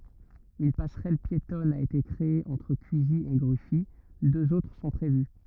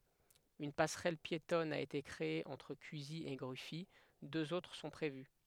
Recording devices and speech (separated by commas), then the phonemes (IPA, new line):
rigid in-ear microphone, headset microphone, read sentence
yn pasʁɛl pjetɔn a ete kʁee ɑ̃tʁ kyzi e ɡʁyfi døz otʁ sɔ̃ pʁevy